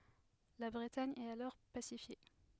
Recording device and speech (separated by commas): headset microphone, read sentence